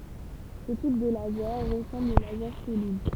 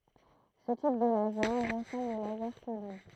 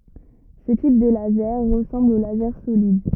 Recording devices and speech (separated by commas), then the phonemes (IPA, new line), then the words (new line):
temple vibration pickup, throat microphone, rigid in-ear microphone, read sentence
sə tip də lazɛʁ ʁəsɑ̃bl o lazɛʁ solid
Ce type de laser ressemble au laser solide.